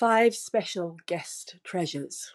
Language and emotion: English, sad